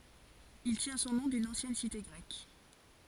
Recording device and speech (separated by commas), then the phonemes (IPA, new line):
forehead accelerometer, read sentence
il tjɛ̃ sɔ̃ nɔ̃ dyn ɑ̃sjɛn site ɡʁɛk